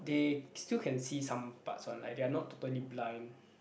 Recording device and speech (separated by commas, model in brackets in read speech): boundary microphone, conversation in the same room